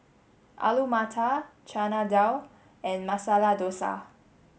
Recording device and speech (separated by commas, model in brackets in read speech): mobile phone (Samsung S8), read sentence